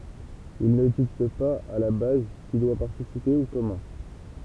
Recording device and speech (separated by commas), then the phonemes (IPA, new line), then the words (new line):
temple vibration pickup, read sentence
il nə dikt paz a la baz ki dwa paʁtisipe u kɔmɑ̃
Ils ne dictent pas à la base qui doit participer ou comment.